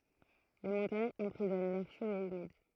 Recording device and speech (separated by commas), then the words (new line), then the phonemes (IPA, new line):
throat microphone, read sentence
Les montagnes emprisonnent l'air chaud et humide.
le mɔ̃taɲz ɑ̃pʁizɔn lɛʁ ʃo e ymid